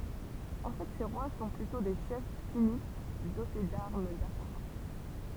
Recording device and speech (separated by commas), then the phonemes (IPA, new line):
temple vibration pickup, read sentence
ɑ̃ fɛ se ʁwa sɔ̃ plytɔ̃ de ʃɛf tinit dote daʁm dapaʁa